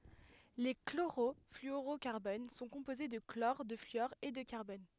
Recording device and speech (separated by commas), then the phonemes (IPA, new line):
headset microphone, read sentence
le kloʁɔflyoʁokaʁbon sɔ̃ kɔ̃poze də klɔʁ də flyɔʁ e də kaʁbɔn